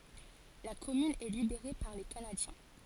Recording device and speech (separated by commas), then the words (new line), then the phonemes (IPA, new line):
forehead accelerometer, read sentence
La commune est libérée par les Canadiens.
la kɔmyn ɛ libeʁe paʁ le kanadjɛ̃